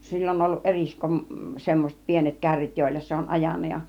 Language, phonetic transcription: Finnish, 'sill ‿on ollu 'eriskum- , semmoset 'pienet 'kärrit jòilla se on 'ajan̆na ja .
- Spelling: sillä on ollut - semmoiset pienet kärryt joilla se on ajanut ja

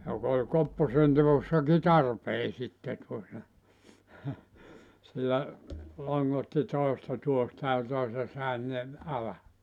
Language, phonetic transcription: Finnish, jok ‿oĺ 'kopposentevossaki "tarpee sitte tuota , sillä , 'loŋŋotti 'tòesta 'tuohta ja toise (tännev) , ala .
- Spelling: joka oli kopposenteossakin tarpeen sitten tuota sillä longotti toista tuohta ja toisen tänne alle

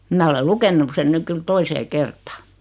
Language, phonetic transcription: Finnish, 'mä ole 'lukennuk sen 'nyk kyl "toisee "kertaa .
- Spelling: minä olen lukenut sen nyt kyllä toiseen kertaan

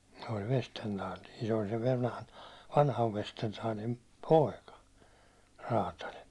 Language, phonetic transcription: Finnish, se oĺ 'Vestentaali , se ol sev vanhan , 'vanhav Vestentaalim "pòika , 'raataĺ .
- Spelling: se oli Vestendal se oli sen vanhan vanhan Vestendalin poika räätäli

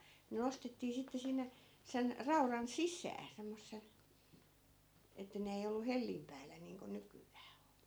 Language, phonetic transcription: Finnish, ne 'nostettii sitte 'sinne , 'sen , 'rauran "sis̆sää , 'semmossel , että 'ne ei ollu "hellim päällä niiŋko 'nyky₍ää o(n) .
- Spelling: ne nostettiin sitten sinne sen raudan sisään semmoisella että ne ei ollut hellin päällä niin kuin nykyään on

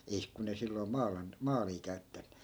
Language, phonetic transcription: Finnish, 'eih , 'kun ‿ei silloi̮ "maalan- , 'maalii käyttä .
- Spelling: ei kun ei silloin - maalia käytetty

